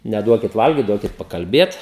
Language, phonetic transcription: Lithuanian, neˈduokit ˈvalgyt ˈduokit pakalˈbėt

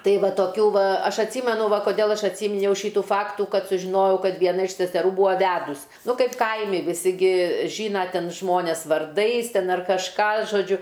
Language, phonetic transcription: Lithuanian, ˈtai ˈva toˈkių ˈva ˈaš atˈsymenu ˈva koˈdėl ˈaš atˈsyminiau ˈšytų ˈfaktų ˈkad sužiˈnojau ˈkad vieˈna iš seseˈrų ˈbūa ˈvedus ˈnu ˈkaip ˈkaimi viˈsi ˈgi ˈžyna ˈten ˈžmones varˈdais ˈten ar kažˈką žoˈdžiu

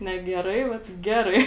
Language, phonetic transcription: Lithuanian, ne geˈrai ˈvat ˈgerai

